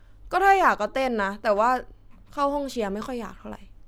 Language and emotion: Thai, frustrated